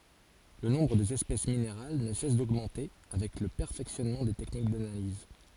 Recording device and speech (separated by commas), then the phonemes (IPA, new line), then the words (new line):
forehead accelerometer, read sentence
lə nɔ̃bʁ dez ɛspɛs mineʁal nə sɛs doɡmɑ̃te avɛk lə pɛʁfɛksjɔnmɑ̃ de tɛknik danaliz
Le nombre des espèces minérales ne cesse d'augmenter avec le perfectionnement des techniques d'analyse.